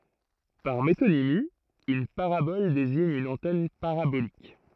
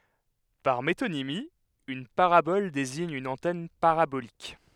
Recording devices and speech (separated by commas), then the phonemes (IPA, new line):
throat microphone, headset microphone, read sentence
paʁ metonimi yn paʁabɔl deziɲ yn ɑ̃tɛn paʁabolik